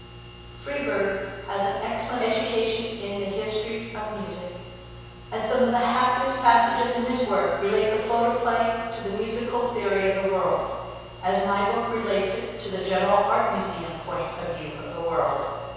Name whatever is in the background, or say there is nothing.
Nothing.